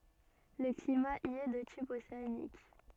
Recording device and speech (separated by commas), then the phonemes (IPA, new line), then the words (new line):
soft in-ear microphone, read sentence
lə klima i ɛ də tip oseanik
Le climat y est de type océanique.